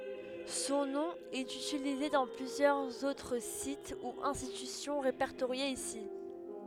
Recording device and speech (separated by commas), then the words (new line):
headset microphone, read sentence
Son nom est utilisé dans plusieurs autres sites ou institutions répertoriés ici.